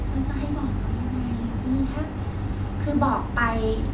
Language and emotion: Thai, frustrated